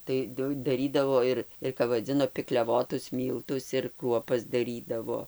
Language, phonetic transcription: Lithuanian, tai ˈdu daˈrydavo ir ir kap vaˈdzino pikliaˈvotus ˈmyltus ir ˈkruopas daˈrydavo

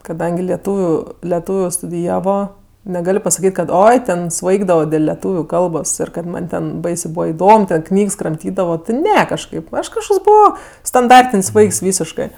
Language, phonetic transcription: Lithuanian, kaˈdangi lieˈtūviu leˈtūviu studiˈjavo neˈgal' pasaˈkyt' kad ˈoi ˈten ˈsvaigdavo dėl leˈtūviu ˈkalbos ir kad ˈman' ˈten ˈbaisė ˈbūva iˈdom ˈknygs kramˈtydavo ti ˈne kažˈkaip ˈaš kažˈkoks ˈbuvo stanˈdartin's' ˈvaiks ˈvysiškɜ

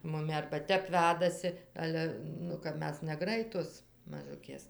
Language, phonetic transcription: Lithuanian, muˈmi arba ˈtep ˈvedasi ˈale ˈnu kap ˈmes neˈgraitos maˈžukės

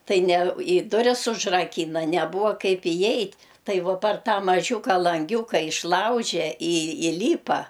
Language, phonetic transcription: Lithuanian, ˈtai ne i ˈduris užraˈkyna neˈbuva ˈkaip iˈjeit' ˈtai ˈvo par ˈtą maˈžiūka lanˈgiūka išˈlauže i iˈlypa

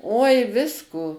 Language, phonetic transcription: Lithuanian, oi ˈvisko

